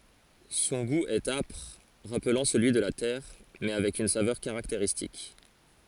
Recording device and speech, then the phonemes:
forehead accelerometer, read sentence
sɔ̃ ɡu ɛt apʁ ʁaplɑ̃ səlyi də la tɛʁ mɛ avɛk yn savœʁ kaʁakteʁistik

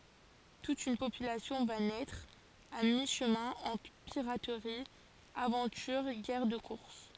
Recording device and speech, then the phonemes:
forehead accelerometer, read sentence
tut yn popylasjɔ̃ va nɛtʁ a mi ʃəmɛ̃ ɑ̃tʁ piʁatʁi avɑ̃tyʁ ɡɛʁ də kuʁs

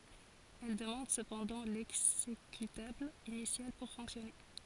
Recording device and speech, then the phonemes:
forehead accelerometer, read sentence
ɛl dəmɑ̃d səpɑ̃dɑ̃ lɛɡzekytabl inisjal puʁ fɔ̃ksjɔne

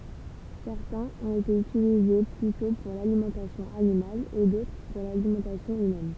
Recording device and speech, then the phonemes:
temple vibration pickup, read sentence
sɛʁtɛ̃z ɔ̃t ete ytilize plytɔ̃ puʁ lalimɑ̃tasjɔ̃ animal e dotʁ puʁ lalimɑ̃tasjɔ̃ ymɛn

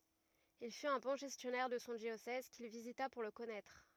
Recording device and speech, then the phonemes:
rigid in-ear microphone, read sentence
il fyt œ̃ bɔ̃ ʒɛstjɔnɛʁ də sɔ̃ djosɛz kil vizita puʁ lə kɔnɛtʁ

